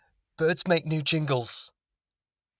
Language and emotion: English, fearful